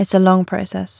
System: none